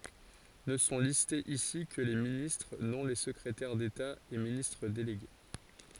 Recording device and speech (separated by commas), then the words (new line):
forehead accelerometer, read sentence
Ne sont listés ici que les ministres, non les secrétaires d'État et ministres délégués.